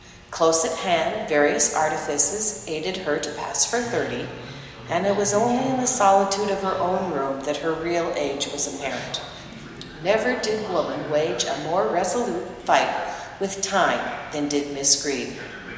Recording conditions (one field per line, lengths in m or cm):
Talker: one person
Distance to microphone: 1.7 m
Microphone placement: close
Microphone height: 1.0 m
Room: very reverberant, large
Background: television